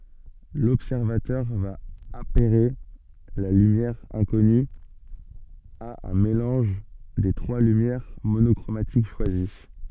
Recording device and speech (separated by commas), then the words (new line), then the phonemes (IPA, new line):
soft in-ear microphone, read sentence
L'observateur va apairer la lumière inconnue à un mélange des trois lumières monochromatiques choisies.
lɔbsɛʁvatœʁ va apɛʁe la lymjɛʁ ɛ̃kɔny a œ̃ melɑ̃ʒ de tʁwa lymjɛʁ monɔkʁomatik ʃwazi